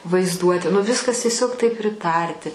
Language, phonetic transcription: Lithuanian, vaizˈduoti nu ˈviskas tieˈsiog taip priˈtarti

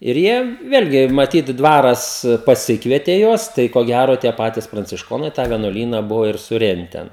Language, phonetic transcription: Lithuanian, ir ˈjie ˈvėlgi maˈtyt ˈdvaras paˈsikvietė ˈjuos ˈtai ko ˈgæro tie ˈpatis prancišˈkonai tą vienuoˈlyna ˈbuvo ir suˈrenten

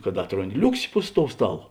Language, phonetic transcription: Lithuanian, kad ˈatronˌdi ˈliuksi pus tou ˈstaˌlo

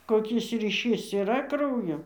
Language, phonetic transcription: Lithuanian, koˈkis ryˈšys yˈra ˈkraujo

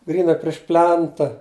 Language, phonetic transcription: Lithuanian, ˈgryna priš ˈplenta

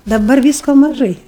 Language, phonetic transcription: Lithuanian, daˈbar ˈvysko maˈžai

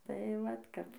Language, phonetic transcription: Lithuanian, tai ˈvat ˈkap

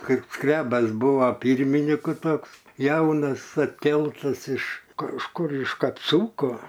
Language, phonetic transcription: Lithuanian, ˈkaip ˈskrebas ˈbūva ˈpyrminiku ˈtoks ˈjaunas atˈkeltas iš kažˈkur iš kapˈsūko

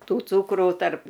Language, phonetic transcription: Lithuanian, ˈtų ˈcūkrų tarp

